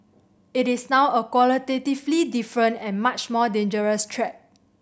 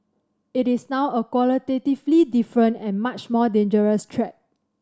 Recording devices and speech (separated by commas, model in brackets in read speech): boundary microphone (BM630), standing microphone (AKG C214), read sentence